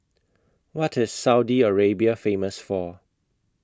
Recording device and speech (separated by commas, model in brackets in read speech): close-talking microphone (WH20), read sentence